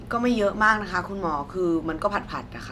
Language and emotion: Thai, neutral